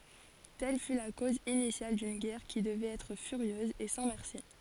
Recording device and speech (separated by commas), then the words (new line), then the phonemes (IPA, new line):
forehead accelerometer, read sentence
Telle fut la cause initiale d'une guerre qui devait être furieuse et sans merci.
tɛl fy la koz inisjal dyn ɡɛʁ ki dəvɛt ɛtʁ fyʁjøz e sɑ̃ mɛʁsi